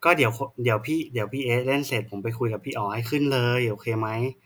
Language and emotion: Thai, frustrated